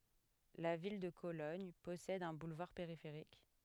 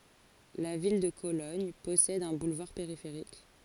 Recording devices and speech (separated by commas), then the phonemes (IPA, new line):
headset microphone, forehead accelerometer, read sentence
la vil də kolɔɲ pɔsɛd œ̃ bulvaʁ peʁifeʁik